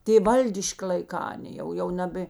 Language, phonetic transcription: Lithuanian, ˈtė ˈvaldiški laiˈkā aˈnė jau jau ˈnabė

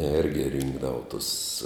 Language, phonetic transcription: Lithuanian, ˈergi ˈrinkdavu tus

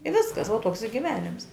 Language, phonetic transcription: Lithuanian, i ˈviskas vuo ˈtoks i giˈvenims

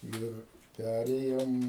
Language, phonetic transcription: Lithuanian, ˈir ˈpærėjom

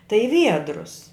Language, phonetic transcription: Lithuanian, tai i ˈviedrus

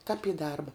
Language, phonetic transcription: Lithuanian, kap į ˈdarba

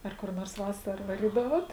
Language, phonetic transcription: Lithuanian, ˈar kur nors ˈvasara vaˈrydavot

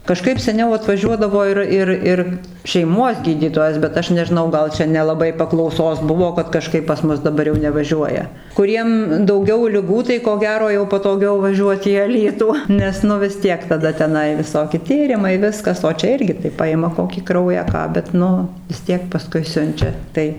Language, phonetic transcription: Lithuanian, kaˈžkaip seˈniau atvaˈžiuodavo ir ˈir ˈir šeiˈmuos ˈgydytojas bet ˈaš nežiˈnau ˈgal ˈčia nelaˈbai paklauˈsos ˈbuvo kad kaˈžkaip pas ˈmus daˈbar jau nevaˈžiuoja kuˈriem dauˈgiau liˈgų tai ko ˈgero jau patoˈgiau vaˈžiuot į aˈlytų ˈnes nu vis ˈtiek taˈda teˈnai viˈsoki ˈtyrimai ˈviskas o ˈčia ˈirgi tai ˈpajima ˈkokį ˈkraują ˈką bet ˈnu vis ˈtiek paˈskui ˈsiunčia ˈtai

